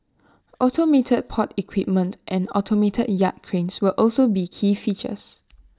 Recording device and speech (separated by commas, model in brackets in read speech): standing microphone (AKG C214), read sentence